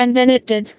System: TTS, vocoder